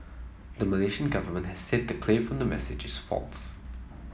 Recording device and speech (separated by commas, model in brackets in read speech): mobile phone (iPhone 7), read sentence